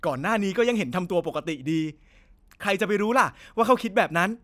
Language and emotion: Thai, angry